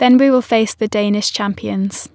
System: none